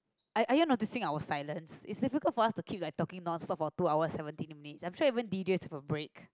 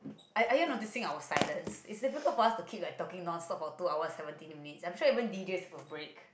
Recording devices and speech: close-talking microphone, boundary microphone, conversation in the same room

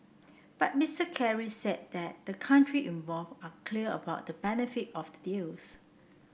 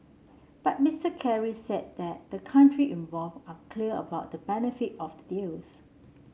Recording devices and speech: boundary microphone (BM630), mobile phone (Samsung C7), read sentence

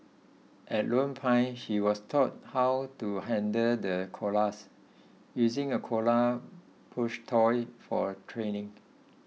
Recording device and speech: mobile phone (iPhone 6), read sentence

